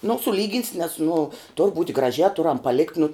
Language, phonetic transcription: Lithuanian, nu suˈlygins nes nu tur būt' graˈžiā ˈturam paˈlikt nu

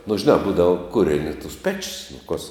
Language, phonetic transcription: Lithuanian, nu žiˈnā ˈbūdavo ˈkureni tus ˈpečis nu kos

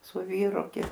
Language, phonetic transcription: Lithuanian, su ˈvyru gi

